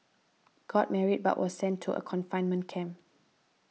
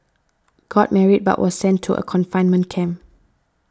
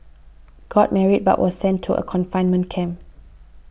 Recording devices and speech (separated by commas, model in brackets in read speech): mobile phone (iPhone 6), standing microphone (AKG C214), boundary microphone (BM630), read sentence